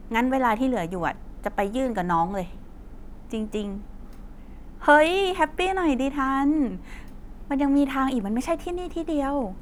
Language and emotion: Thai, neutral